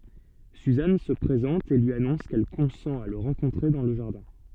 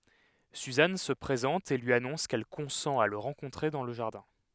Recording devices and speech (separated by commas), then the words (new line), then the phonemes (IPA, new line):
soft in-ear microphone, headset microphone, read sentence
Suzanne se présente et lui annonce qu'elle consent à le rencontrer dans le jardin.
syzan sə pʁezɑ̃t e lyi anɔ̃s kɛl kɔ̃sɑ̃t a lə ʁɑ̃kɔ̃tʁe dɑ̃ lə ʒaʁdɛ̃